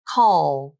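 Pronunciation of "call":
In 'call', the final L is said without a 'la' sound at the end.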